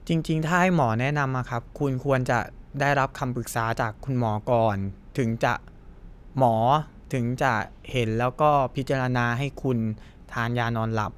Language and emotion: Thai, neutral